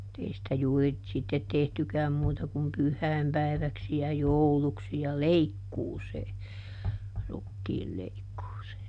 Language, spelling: Finnish, mutta ei sitä juuri sitten tehtykään muuta kuin pyhäinpäiväksi ja jouluksi ja leikkuuseen rukiinleikkuuseen
- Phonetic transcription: [mu]t ‿ei sⁱtä ˈjuuri , ˈsittet ˈtehtykääm ˈmuuta kum "pyh̆häi̮mpäi̮väksi ja "jouluksi ja "leikkuusee , ˈrukkiilleikkuusee .

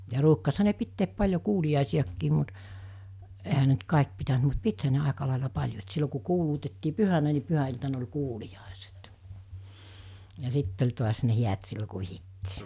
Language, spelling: Finnish, ja ruukasihan ne pitää paljon kuuliaisiakin mutta eihän ne nyt kaikki pitänyt mutta pitihän ne aika lailla paljon että silloin kun kuulutettiin pyhänä niin pyhäiltana oli kuuliaiset ja sitten oli taas ne häät silloin kun vihittiin
- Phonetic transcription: ja ruukkasha ne 'pitteep 'paĺjo 'kuuli₍àisi₍akkiim mut , ehä ne ‿nt 'kàek pitänt mut 'pithä ne 'àeka làela 'paĺjo et 'sillo ku 'kuuluutettii "pyhänä ni 'pyhä₍iltan ‿oĺ 'kuuliʲàeset , ja 'sitt ‿oĺ tuas ne 'hiät sillo ku 'vihittii .

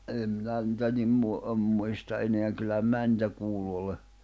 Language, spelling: Finnish, minä en minä niitä niin - en muista enää kyllähän minä niitä kuullut olen
- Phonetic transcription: minä , 'em mⁱnä nⁱtä nim mu- , əm 'muista ’eneäŋ kyllähäm 'mää nⁱtä 'kuullu ole .

